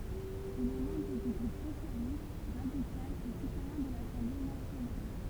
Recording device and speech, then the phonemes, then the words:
temple vibration pickup, read sentence
il ɛ mɑ̃bʁ dy ɡʁup sosjalist ʁadikal e sitwajɛ̃ də lasɑ̃ble nasjonal
Il est membre du groupe Socialiste, radical et citoyen de l'Assemblée nationale.

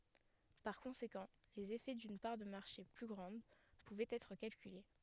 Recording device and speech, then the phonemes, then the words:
headset microphone, read sentence
paʁ kɔ̃sekɑ̃ lez efɛ dyn paʁ də maʁʃe ply ɡʁɑ̃d puvɛt ɛtʁ kalkyle
Par conséquent, les effets d'une part de marché plus grande pouvaient être calculés.

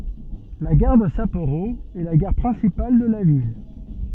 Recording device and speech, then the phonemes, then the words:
soft in-ear microphone, read sentence
la ɡaʁ də sapoʁo ɛ la ɡaʁ pʁɛ̃sipal də la vil
La gare de Sapporo est la gare principale de la ville.

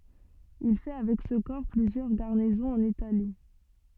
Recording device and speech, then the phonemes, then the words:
soft in-ear microphone, read sentence
il fɛ avɛk sə kɔʁ plyzjœʁ ɡaʁnizɔ̃z ɑ̃n itali
Il fait avec ce corps plusieurs garnisons en Italie.

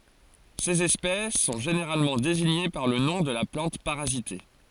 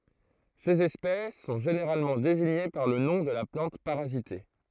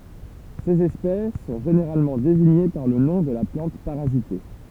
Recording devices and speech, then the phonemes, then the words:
forehead accelerometer, throat microphone, temple vibration pickup, read sentence
sez ɛspɛs sɔ̃ ʒeneʁalmɑ̃ deziɲe paʁ lə nɔ̃ də la plɑ̃t paʁazite
Ces espèces sont généralement désignées par le nom de la plante parasitée.

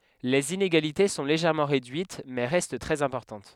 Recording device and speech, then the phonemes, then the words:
headset microphone, read sentence
lez ineɡalite sɔ̃ leʒɛʁmɑ̃ ʁedyit mɛ ʁɛst tʁɛz ɛ̃pɔʁtɑ̃t
Les inégalités sont légèrement réduites, mais restent très importantes.

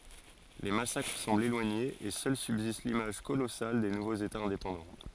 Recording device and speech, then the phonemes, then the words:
forehead accelerometer, read sentence
le masakʁ sɑ̃blt elwaɲez e sœl sybzist limaʒ kolɔsal de nuvoz etaz ɛ̃depɑ̃dɑ̃
Les massacres semblent éloignés et seule subsiste l'image colossale des nouveaux états indépendants.

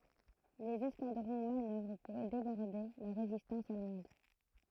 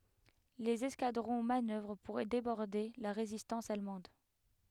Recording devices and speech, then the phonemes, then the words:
throat microphone, headset microphone, read sentence
lez ɛskadʁɔ̃ manœvʁ puʁ debɔʁde la ʁezistɑ̃s almɑ̃d
Les escadrons manœuvrent pour déborder la résistance allemande.

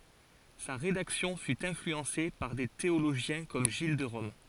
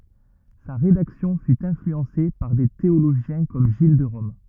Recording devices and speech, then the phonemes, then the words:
forehead accelerometer, rigid in-ear microphone, read sentence
sa ʁedaksjɔ̃ fy ɛ̃flyɑ̃se paʁ de teoloʒjɛ̃ kɔm ʒil də ʁɔm
Sa rédaction fut influencée par des théologiens comme Gilles de Rome.

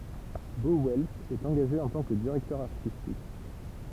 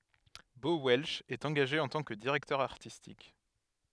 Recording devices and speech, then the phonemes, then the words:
temple vibration pickup, headset microphone, read sentence
bo wɛlʃ ɛt ɑ̃ɡaʒe ɑ̃ tɑ̃ kə diʁɛktœʁ aʁtistik
Bo Welch est engagé en tant que directeur artistique.

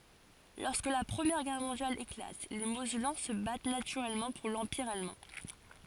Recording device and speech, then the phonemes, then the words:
forehead accelerometer, read sentence
lɔʁskə la pʁəmjɛʁ ɡɛʁ mɔ̃djal eklat le mozɛlɑ̃ sə bat natyʁɛlmɑ̃ puʁ lɑ̃piʁ almɑ̃
Lorsque la Première Guerre mondiale éclate, les Mosellans se battent naturellement pour l’Empire allemand.

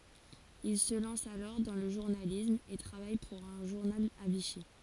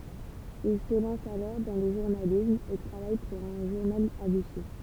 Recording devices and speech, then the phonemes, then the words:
forehead accelerometer, temple vibration pickup, read sentence
il sə lɑ̃s alɔʁ dɑ̃ lə ʒuʁnalism e tʁavaj puʁ œ̃ ʒuʁnal a viʃi
Il se lance alors dans le journalisme et travaille pour un journal à Vichy.

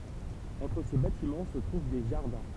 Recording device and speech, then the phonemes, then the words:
temple vibration pickup, read sentence
ɑ̃tʁ se batimɑ̃ sə tʁuv de ʒaʁdɛ̃
Entre ces bâtiments se trouvent des jardins.

